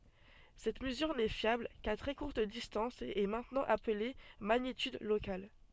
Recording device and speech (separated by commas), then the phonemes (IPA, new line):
soft in-ear microphone, read sentence
sɛt məzyʁ nɛ fjabl ka tʁɛ kuʁt distɑ̃s e ɛ mɛ̃tnɑ̃ aple maɲityd lokal